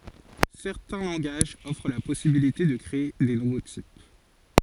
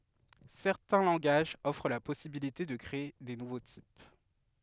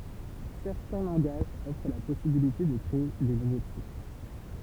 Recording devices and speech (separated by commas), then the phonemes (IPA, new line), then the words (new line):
forehead accelerometer, headset microphone, temple vibration pickup, read sentence
sɛʁtɛ̃ lɑ̃ɡaʒz ɔfʁ la pɔsibilite də kʁee de nuvo tip
Certains langages offrent la possibilité de créer des nouveaux types.